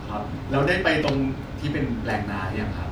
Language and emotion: Thai, neutral